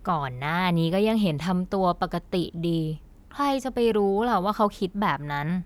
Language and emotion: Thai, frustrated